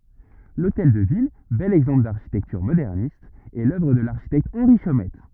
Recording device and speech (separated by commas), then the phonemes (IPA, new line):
rigid in-ear microphone, read sentence
lotɛl də vil bɛl ɛɡzɑ̃pl daʁʃitɛktyʁ modɛʁnist ɛ lœvʁ də laʁʃitɛkt ɑ̃ʁi ʃomɛt